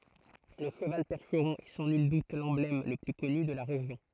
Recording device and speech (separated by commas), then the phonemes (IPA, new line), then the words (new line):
throat microphone, read sentence
lə ʃəval pɛʁʃʁɔ̃ ɛ sɑ̃ nyl dut lɑ̃blɛm lə ply kɔny də la ʁeʒjɔ̃
Le cheval percheron est sans nul doute l'emblème le plus connu de la région.